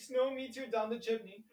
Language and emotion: English, fearful